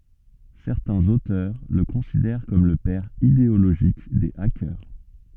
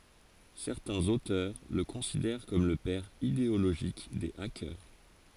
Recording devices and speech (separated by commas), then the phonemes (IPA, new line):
soft in-ear microphone, forehead accelerometer, read sentence
sɛʁtɛ̃z otœʁ lə kɔ̃sidɛʁ kɔm lə pɛʁ ideoloʒik de akœʁ